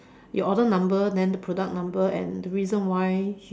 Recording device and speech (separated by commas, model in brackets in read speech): standing microphone, conversation in separate rooms